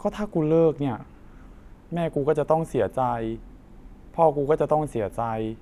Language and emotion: Thai, frustrated